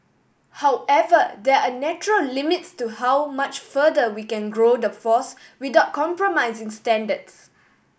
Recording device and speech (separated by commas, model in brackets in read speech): boundary microphone (BM630), read sentence